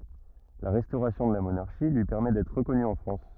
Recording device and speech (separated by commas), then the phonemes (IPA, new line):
rigid in-ear microphone, read sentence
la ʁɛstoʁasjɔ̃ də la monaʁʃi lyi pɛʁmɛ dɛtʁ ʁəkɔny ɑ̃ fʁɑ̃s